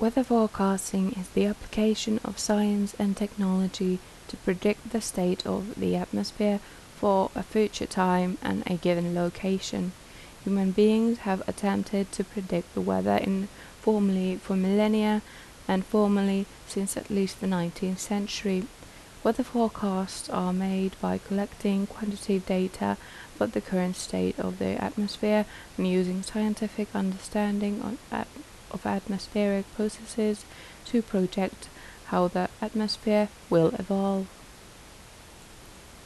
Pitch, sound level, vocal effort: 195 Hz, 76 dB SPL, soft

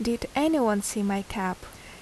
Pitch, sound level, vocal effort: 215 Hz, 77 dB SPL, normal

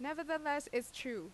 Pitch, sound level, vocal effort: 290 Hz, 87 dB SPL, loud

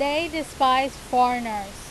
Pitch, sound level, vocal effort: 260 Hz, 94 dB SPL, very loud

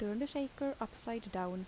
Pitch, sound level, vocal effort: 230 Hz, 77 dB SPL, soft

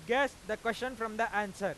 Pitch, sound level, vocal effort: 225 Hz, 102 dB SPL, very loud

